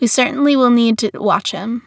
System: none